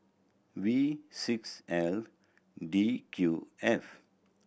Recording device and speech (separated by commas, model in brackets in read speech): boundary microphone (BM630), read sentence